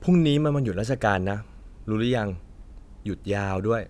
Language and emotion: Thai, neutral